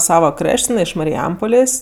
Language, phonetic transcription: Lithuanian, ˈsava ˈkraš't' jiˈnai iš mariˈjampolės'

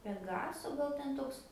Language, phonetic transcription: Lithuanian, peˈgaso ˈgal ˈten ˈtoks

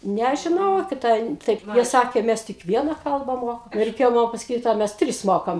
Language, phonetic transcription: Lithuanian, nežiˈnau kiˈta in ˈtaip ˈsakė ˈmæs tik ˈviena ˈkalba ˈmoka i reiˈkėjo ˈman pasaˈkyt o ˈmæs ˈtris ˈmokam

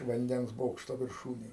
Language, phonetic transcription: Lithuanian, vanˈdens ˈbokšto virˈšūnėj

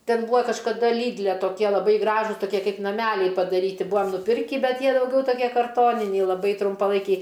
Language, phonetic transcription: Lithuanian, ˈten ˈbūa kažkaˈda ˈlydle toˈkie laˈbai ˈgražus toˈkie ˈkaip naˈmæliai padarˈyti ˈbūam nuˈpirkį ˈbet ˈjie dauˈgiau toˈkie karˈtoniniai laˈbai trumpaˈlaikiai

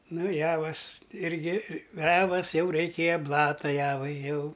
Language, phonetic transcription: Lithuanian, ˈnu ˈjavas ˈirgi ˈjavas ˈjau reiˈkėjo ˈblata ˈjavai ˈjau

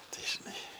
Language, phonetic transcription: Lithuanian, ˈtai žiˈnai

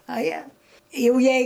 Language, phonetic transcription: Lithuanian, a ˈjie ˈjau ˈjei

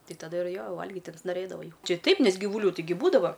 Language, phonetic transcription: Lithuanian, ˈti taˈda ir ˈjo ˈvalgit' insnoˈrėdavai jau ˈči ˈtaip ˈnes gyvuˈlių tiˈgi ˈbūdava

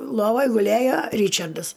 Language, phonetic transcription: Lithuanian, ˈlovoj guˈlėjo ˈryčardas

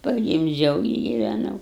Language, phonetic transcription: Lithuanian, pagimˈdžiau i giveˈnau

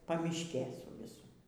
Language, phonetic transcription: Lithuanian, paˈmiškė su ˈvisu

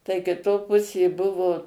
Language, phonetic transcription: Lithuanian, tai kiˈto ˈpusė ˈbuvo

